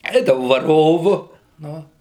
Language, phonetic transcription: Lithuanian, ˈeidavau vaˈrovu ˈnu

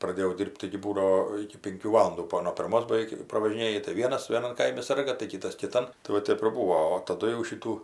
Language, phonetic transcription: Lithuanian, praˈdėjau ˈdyr'b't' taigi ˈbūdao iki ˈpinkių ˈvalundų ˈbuo nuo pirˈmos baˈveik pravažiˈnėji tai ˈvienas vėˈnan ˈkaimi ˈsarga tai ˈkitas kiˈtan tai ˈva ˈtep ir ˈbūo o taˈdu jau ˈšitų

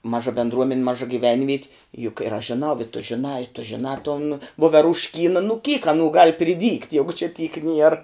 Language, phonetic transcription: Lithuanian, ˈmaža bendˈruomen' ˈmaža gyˈvenviet' juk ir aš žiˈnau i tu žiˈnā i tu žiˈnā ton voverušˈkyna nu kyk aˈnų gal priˈdygt' ˈjegu či tyk nier

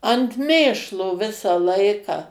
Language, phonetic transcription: Lithuanian, ant ˈmėšlo ˈvisa ˈlaiką

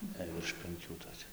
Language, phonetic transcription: Lithuanian, jei virš penˈkių toˈkia

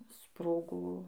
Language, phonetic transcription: Lithuanian, ˈsprogo

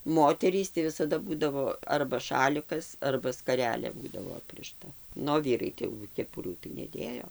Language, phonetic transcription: Lithuanian, ˈmoterys tai visaˈda ˈbūdavo arba ˈšalikas arba skaˈrelė ˈbūdavo ˈaprišta ˈnu o ˈvyrai ˈtai jau keˈpurių tai neˈdėjo

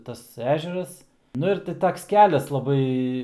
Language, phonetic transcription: Lithuanian, ˈtas ˈežeras nu ir ˈti ˈtoks ˈkelias laˈbai

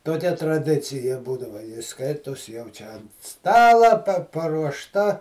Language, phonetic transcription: Lithuanian, toˈkia traˈdicija ˈbūdava ˈskaitos jau ˈčia ˈstalą pa paruošˈta

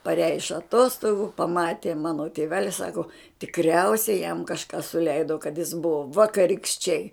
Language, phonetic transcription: Lithuanian, paˈreja iš aˈtostogu paˈmatė ˈmano tėˈveli ˈsako tikˈriausiai jam kažˈką suˈleido kad jis ˈbuvo vakarikšˈčiai

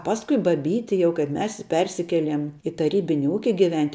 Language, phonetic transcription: Lithuanian, ˈpaskui baˈbyti ˈjau kaip ˈmes ˈpersikeliem i taˈrybini ˈūki giˈvent'

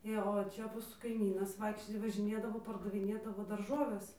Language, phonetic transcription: Lithuanian, ˈė o ˈčia ˈmūsų kaiˈmynas ˈvaikščioj važiˈnėdavo pardaviˈnėdavo darˈžoves

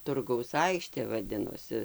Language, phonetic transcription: Lithuanian, ˈturgaus ˈaikštė vaˈdinosi

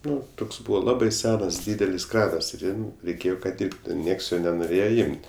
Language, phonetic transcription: Lithuanian, ˈnu ˈtoks ˈbūva ˈlabai ˈsenas ˈdydelis ˈkranas ir ˈjam reiˈkėjo kad ˈdirbtu ˈnieks jo nenoˈrėje ˈimt'

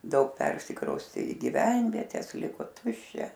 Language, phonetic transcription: Lithuanian, daug ˈpersikraustė i gyˈvenvietes ˈliko ˈtuščia

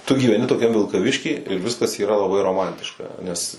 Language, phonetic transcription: Lithuanian, tu gyveˈni toˈkiam vilkaˈvišky ir ˈviskas yˈra laˈbai roˈmantiška nes

